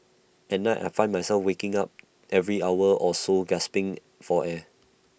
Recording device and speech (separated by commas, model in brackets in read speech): boundary microphone (BM630), read sentence